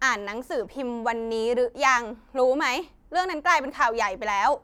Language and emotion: Thai, frustrated